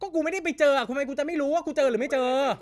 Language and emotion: Thai, angry